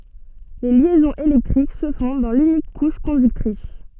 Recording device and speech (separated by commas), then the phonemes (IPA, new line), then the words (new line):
soft in-ear microphone, read sentence
le ljɛzɔ̃z elɛktʁik sə fɔ̃ dɑ̃ lynik kuʃ kɔ̃dyktʁis
Les liaisons électriques se font dans l'unique couche conductrice.